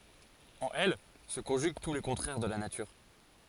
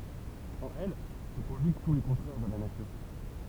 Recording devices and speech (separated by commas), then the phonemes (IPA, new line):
forehead accelerometer, temple vibration pickup, read sentence
ɑ̃n ɛl sə kɔ̃ʒyɡ tu le kɔ̃tʁɛʁ də la natyʁ